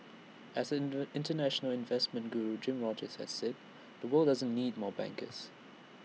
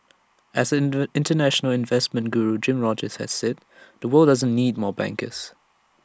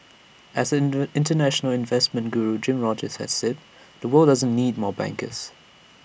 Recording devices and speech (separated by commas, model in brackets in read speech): mobile phone (iPhone 6), standing microphone (AKG C214), boundary microphone (BM630), read sentence